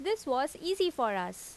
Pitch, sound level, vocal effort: 290 Hz, 87 dB SPL, loud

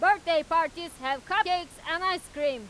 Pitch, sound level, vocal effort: 330 Hz, 104 dB SPL, very loud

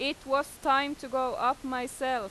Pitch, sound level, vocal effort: 270 Hz, 94 dB SPL, very loud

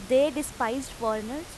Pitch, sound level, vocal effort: 260 Hz, 91 dB SPL, loud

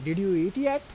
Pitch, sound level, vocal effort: 190 Hz, 90 dB SPL, normal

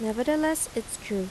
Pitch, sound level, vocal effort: 235 Hz, 82 dB SPL, normal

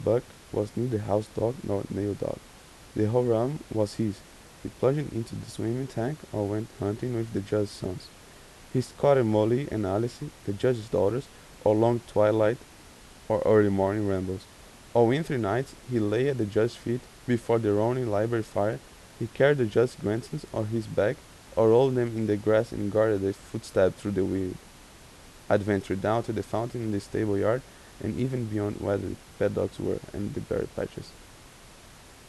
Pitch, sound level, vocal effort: 110 Hz, 83 dB SPL, soft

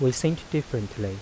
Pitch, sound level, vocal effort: 125 Hz, 82 dB SPL, soft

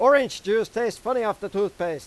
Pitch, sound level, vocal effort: 210 Hz, 102 dB SPL, very loud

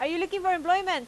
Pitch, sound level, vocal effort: 360 Hz, 94 dB SPL, very loud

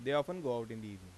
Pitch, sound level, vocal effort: 120 Hz, 89 dB SPL, normal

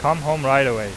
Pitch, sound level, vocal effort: 135 Hz, 94 dB SPL, loud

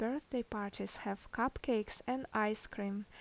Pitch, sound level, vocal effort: 220 Hz, 76 dB SPL, normal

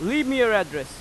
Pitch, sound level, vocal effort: 215 Hz, 99 dB SPL, very loud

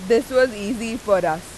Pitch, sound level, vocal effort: 230 Hz, 93 dB SPL, very loud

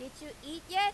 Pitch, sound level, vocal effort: 315 Hz, 99 dB SPL, very loud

